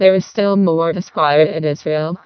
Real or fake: fake